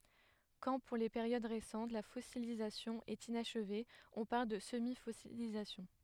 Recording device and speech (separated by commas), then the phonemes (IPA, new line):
headset microphone, read sentence
kɑ̃ puʁ le peʁjod ʁesɑ̃t la fɔsilizasjɔ̃ ɛt inaʃve ɔ̃ paʁl də səmifɔsilizasjɔ̃